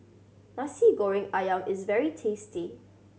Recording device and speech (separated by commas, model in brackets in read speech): mobile phone (Samsung C7100), read sentence